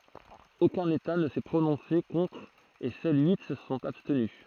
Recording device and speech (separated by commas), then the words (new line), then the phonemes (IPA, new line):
throat microphone, read sentence
Aucun État ne s'est prononcé contre et seuls huit se sont abstenus.
okœ̃n eta nə sɛ pʁonɔ̃se kɔ̃tʁ e sœl yi sə sɔ̃t abstny